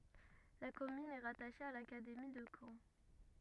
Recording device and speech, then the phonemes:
rigid in-ear microphone, read sentence
la kɔmyn ɛ ʁataʃe a lakademi də kɑ̃

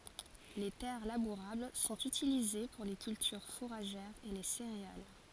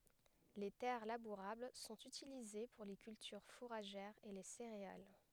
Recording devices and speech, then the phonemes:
forehead accelerometer, headset microphone, read sentence
le tɛʁ labuʁabl sɔ̃t ytilize puʁ le kyltyʁ fuʁaʒɛʁz e le seʁeal

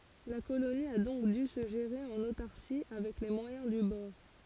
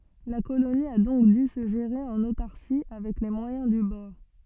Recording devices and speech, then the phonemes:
forehead accelerometer, soft in-ear microphone, read sentence
la koloni a dɔ̃k dy sə ʒeʁe ɑ̃n otaʁsi avɛk le mwajɛ̃ dy bɔʁ

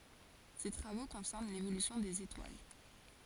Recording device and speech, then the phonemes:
forehead accelerometer, read sentence
se tʁavo kɔ̃sɛʁn levolysjɔ̃ dez etwal

